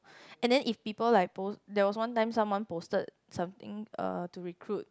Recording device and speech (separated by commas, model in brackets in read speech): close-talking microphone, conversation in the same room